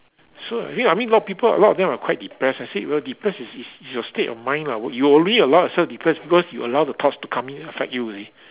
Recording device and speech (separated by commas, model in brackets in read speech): telephone, conversation in separate rooms